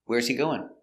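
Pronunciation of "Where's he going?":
In 'Where's he going?', the words are linked together.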